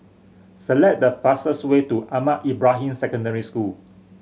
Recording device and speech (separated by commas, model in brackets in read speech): mobile phone (Samsung C7100), read sentence